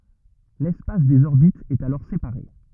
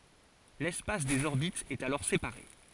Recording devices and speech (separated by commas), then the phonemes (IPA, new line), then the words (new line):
rigid in-ear microphone, forehead accelerometer, read sentence
lɛspas dez ɔʁbitz ɛt alɔʁ sepaʁe
L'espace des orbites est alors séparé.